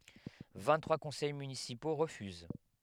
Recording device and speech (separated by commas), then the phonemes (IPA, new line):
headset microphone, read sentence
vɛ̃ɡtʁwa kɔ̃sɛj mynisipo ʁəfyz